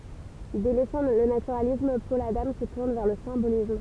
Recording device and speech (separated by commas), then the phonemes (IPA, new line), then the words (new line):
temple vibration pickup, read sentence
delɛsɑ̃ lə natyʁalism pɔl adɑ̃ sə tuʁn vɛʁ lə sɛ̃bolism
Délaissant le naturalisme, Paul Adam se tourne vers le symbolisme.